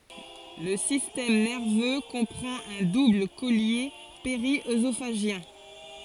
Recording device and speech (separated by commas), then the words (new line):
forehead accelerometer, read sentence
Le système nerveux comprend un double collier périœsophagien.